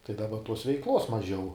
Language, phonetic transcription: Lithuanian, tai daˈba tos veiˈklos maˈžiau

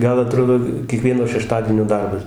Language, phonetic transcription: Lithuanian, ˈgal aˈtrodo kieˈkvieno šeˈštadienio ˈdarbas

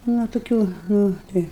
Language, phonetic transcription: Lithuanian, nu toˈkių ˈnu ˈtai

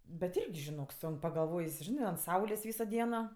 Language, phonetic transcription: Lithuanian, bet ˈirgi žiˈnok ˈsunk pagalˈvojs ˈžinɜ ant ˈsaulės ˈvyso ˈdieno

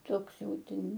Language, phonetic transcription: Lithuanian, ˈtoks ˈjau ˈten

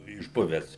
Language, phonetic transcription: Lithuanian, išˈbuvęs

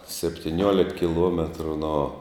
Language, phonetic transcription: Lithuanian, septiˈniuolik kiˈluometru no

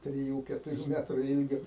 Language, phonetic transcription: Lithuanian, triˈjų ketuˈrių ˈmetru ˈilgio

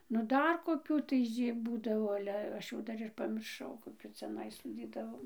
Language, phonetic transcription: Lithuanian, nu ˈdar koˈkių tai ˈžy ˈbūdavo ˈale ˈaš jau ˈdar ir pamirˈšau koˈkių ciaˈnai soˈdydavom

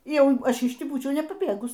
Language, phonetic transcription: Lithuanian, ˈjau ˈaš iš ˈtį ˈbūčiau nepaˈbėgus

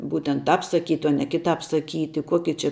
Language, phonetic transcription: Lithuanian, ˈbūtent ˈtāp saˈkyti o ne kiˈtāp saˈkyti ˈkoki či

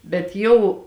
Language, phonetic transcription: Lithuanian, bet ˈjau

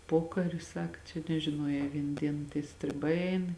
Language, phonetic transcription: Lithuanian, ˈpokari ˈsaka čia nežiˈnuojē ˈvien ˈdien tie striˈbai ˈein

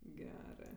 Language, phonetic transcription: Lithuanian, ˈgerɜ

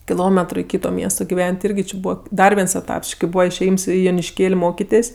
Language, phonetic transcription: Lithuanian, kiˈlometru i ˈkyto ˈmiesto giˈven't' ˈirgi či ˈbūva ˈdar viens eˈtaps ˈči kai ˈbūva išėˈjyms i jonišˈkėl' ˈmokitės'

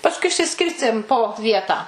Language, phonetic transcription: Lithuanian, pasˈkui išsiˈskirstėm po ˈvietą

